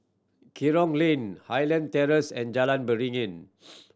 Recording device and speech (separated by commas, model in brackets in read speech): standing microphone (AKG C214), read sentence